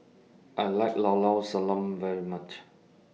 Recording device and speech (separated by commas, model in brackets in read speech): mobile phone (iPhone 6), read sentence